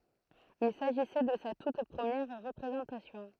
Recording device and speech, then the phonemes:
throat microphone, read sentence
il saʒisɛ də sa tut pʁəmjɛʁ ʁəpʁezɑ̃tasjɔ̃

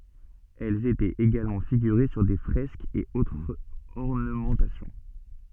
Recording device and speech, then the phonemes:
soft in-ear microphone, read sentence
ɛlz etɛt eɡalmɑ̃ fiɡyʁe syʁ de fʁɛskz e otʁz ɔʁnəmɑ̃tasjɔ̃

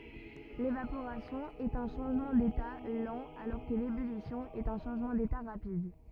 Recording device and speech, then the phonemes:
rigid in-ear microphone, read sentence
levapoʁasjɔ̃ ɛt œ̃ ʃɑ̃ʒmɑ̃ deta lɑ̃ alɔʁ kə lebylisjɔ̃ ɛt œ̃ ʃɑ̃ʒmɑ̃ deta ʁapid

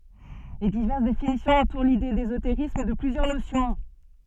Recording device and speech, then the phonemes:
soft in-ear microphone, read sentence
le divɛʁs definisjɔ̃z ɑ̃tuʁ lide dezoteʁism də plyzjœʁ nosjɔ̃

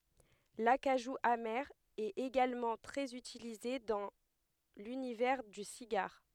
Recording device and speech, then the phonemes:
headset microphone, read sentence
lakaʒu ame ɛt eɡalmɑ̃ tʁɛz ytilize dɑ̃ lynivɛʁ dy siɡaʁ

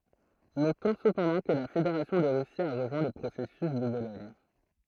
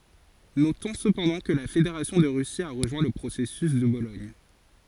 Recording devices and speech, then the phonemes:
throat microphone, forehead accelerometer, read sentence
notɔ̃ səpɑ̃dɑ̃ kə la fedeʁasjɔ̃ də ʁysi a ʁəʒwɛ̃ lə pʁosɛsys də bolɔɲ

